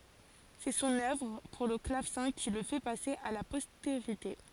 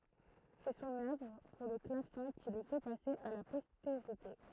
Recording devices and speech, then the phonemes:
forehead accelerometer, throat microphone, read sentence
sɛ sɔ̃n œvʁ puʁ lə klavsɛ̃ ki lə fɛ pase a la pɔsteʁite

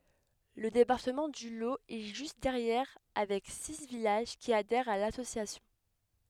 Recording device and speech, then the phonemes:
headset microphone, read sentence
lə depaʁtəmɑ̃ dy lo ɛ ʒyst dɛʁjɛʁ avɛk si vilaʒ ki adɛʁt a lasosjasjɔ̃

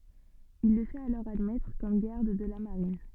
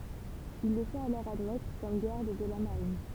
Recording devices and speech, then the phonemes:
soft in-ear microphone, temple vibration pickup, read sentence
il lə fɛt alɔʁ admɛtʁ kɔm ɡaʁd də la maʁin

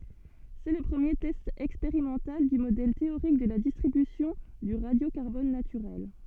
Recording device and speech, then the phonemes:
soft in-ear microphone, read sentence
sɛ lə pʁəmje tɛst ɛkspeʁimɑ̃tal dy modɛl teoʁik də la distʁibysjɔ̃ dy ʁadjokaʁbɔn natyʁɛl

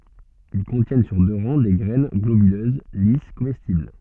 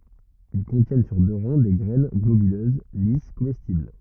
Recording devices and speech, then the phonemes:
soft in-ear microphone, rigid in-ear microphone, read sentence
il kɔ̃tjɛn syʁ dø ʁɑ̃ de ɡʁɛn ɡlobyløz lis komɛstibl

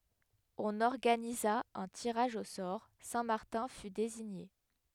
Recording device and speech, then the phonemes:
headset microphone, read sentence
ɔ̃n ɔʁɡaniza œ̃ tiʁaʒ o sɔʁ sɛ̃ maʁtɛ̃ fy deziɲe

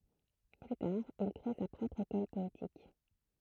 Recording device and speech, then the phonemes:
throat microphone, read sentence
ply taʁ il kʁe sa pʁɔpʁ ekɔl pɔetik

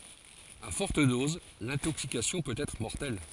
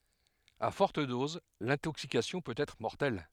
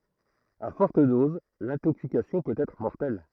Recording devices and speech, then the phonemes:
forehead accelerometer, headset microphone, throat microphone, read sentence
a fɔʁt doz lɛ̃toksikasjɔ̃ pøt ɛtʁ mɔʁtɛl

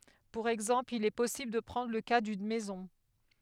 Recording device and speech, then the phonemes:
headset microphone, read sentence
puʁ ɛɡzɑ̃pl il ɛ pɔsibl də pʁɑ̃dʁ lə ka dyn mɛzɔ̃

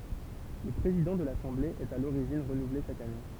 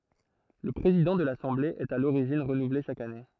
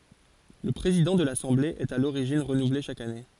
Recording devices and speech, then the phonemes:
temple vibration pickup, throat microphone, forehead accelerometer, read sentence
lə pʁezidɑ̃ də lasɑ̃ble ɛt a loʁiʒin ʁənuvle ʃak ane

